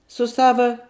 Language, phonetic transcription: Lithuanian, su ˈsava

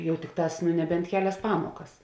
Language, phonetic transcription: Lithuanian, ˈjau ˈtikˌtās nu neˈbent ˈkeˌlias ˈpamokas

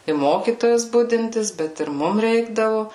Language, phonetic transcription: Lithuanian, i ˈmokytojas ˈbudintis ˈbet ir ˈmum ˈreikdavu

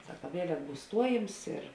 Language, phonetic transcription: Lithuanian, ˈsaka ˈvielek ˈbūs ˈstuojims ir

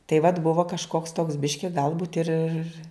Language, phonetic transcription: Lithuanian, tai vat ˈbuvo kažˈkoks toks ˈbiški ˈgalbūt ir ir

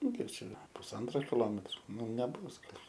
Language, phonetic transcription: Lithuanian, ˈnu ˈkiek ˈčia pusˈantro kiˈlometro ˈnu neˈbus ˈgal'

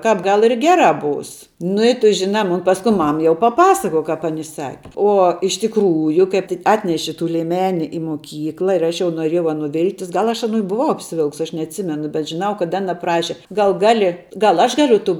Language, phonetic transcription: Lithuanian, ˈkāp ˈgal ir ˈgerā ˈbūs nu i ˈtu ˈžinā ˈmun ˈpaskui ˈmam jau paˈpasakoj ˈkāp aˈni ˈsaki ˈuo iš tikˈrųju ˈkaip ti ˈatneši tų lieˈmeni i moˈkykla ir ˈaš jau noˈrėjau ˈaˌnų ˈvilktis ˈgal aš aˈnų i buˈvau apsiˈvilks ˈaš neatˈsimenu bet žiˈnau kad ˈana ˈpraši ˈgal ˈgali ˈgal ˈaš ˈgaliu tų

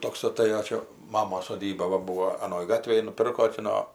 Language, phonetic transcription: Lithuanian, ˈtoks aˈtɘjo ˈčia ˈmamos soˈdyba ˈbūvo aˈnoj ˈgatvėj nuˈpirko ti ˈno

